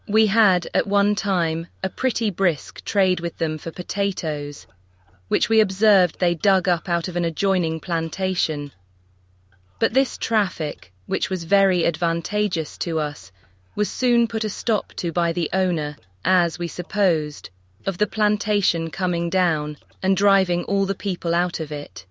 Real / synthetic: synthetic